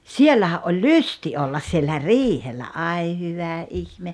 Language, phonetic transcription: Finnish, siellähä’ ’oĺ "lysti 'ollas siellä "riihellä '’ai 'hyvä "’ihme .
- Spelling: siellähän oli lysti olla siellä riihellä ai hyvä ihme

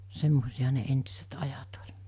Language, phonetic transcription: Finnish, 'semmosiʲahᴀ ne 'entʏset 'ajat oĺ .
- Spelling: semmoisiahan ne entiset ajat oli

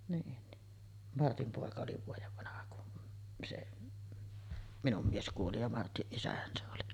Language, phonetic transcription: Finnish, niin ni , 'Martim pòeka oli 'vuojev vanaha kun se’ , 'minum 'mies kuoli ja 'Martiˀ "ˀisähän se oli .
- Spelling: niin niin Martin poika oli vuoden vanha kun se minun mies kuoli ja Martin isähän se oli

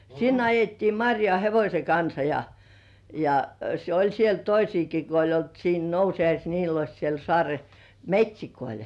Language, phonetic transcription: Finnish, sinn ‿ajettii "maŕjoà 'hevośeŋ kansa ja , ja se ‿oĺ siel "toisiiki ko oĺ olt siin 'Nousi₍ais Niilos siel 'so§àre- "met́śikoil .
- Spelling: sinne ajettiin marjaan hevosen kanssa ja ja se oli siellä toisiakin kun oli ollut siinä Nousiais Niilossa siellä - metsiköillä

